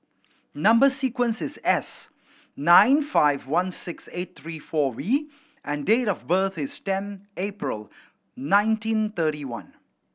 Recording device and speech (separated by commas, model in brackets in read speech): boundary microphone (BM630), read sentence